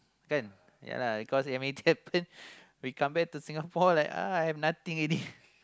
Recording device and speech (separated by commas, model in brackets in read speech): close-talking microphone, conversation in the same room